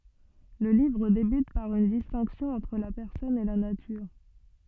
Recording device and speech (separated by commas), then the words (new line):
soft in-ear microphone, read sentence
Le livre débute par une distinction entre la personne et la nature.